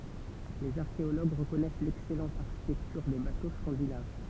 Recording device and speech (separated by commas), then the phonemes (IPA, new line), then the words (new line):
temple vibration pickup, read sentence
lez aʁkeoloɡ ʁəkɔnɛs lɛksɛlɑ̃t aʁʃitɛktyʁ de bato skɑ̃dinav
Les archéologues reconnaissent l'excellente architecture des bateaux scandinaves.